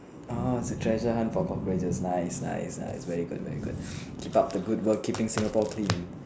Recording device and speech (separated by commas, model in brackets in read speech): standing microphone, conversation in separate rooms